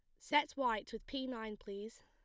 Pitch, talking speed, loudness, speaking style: 225 Hz, 195 wpm, -39 LUFS, plain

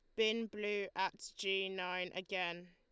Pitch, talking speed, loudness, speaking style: 195 Hz, 145 wpm, -39 LUFS, Lombard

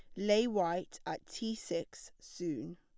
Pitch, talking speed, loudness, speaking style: 200 Hz, 140 wpm, -36 LUFS, plain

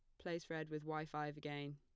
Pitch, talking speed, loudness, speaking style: 150 Hz, 230 wpm, -46 LUFS, plain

